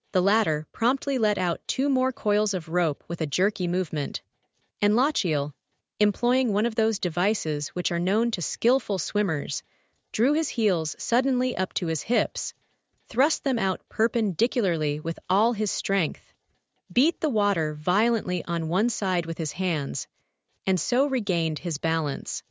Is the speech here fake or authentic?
fake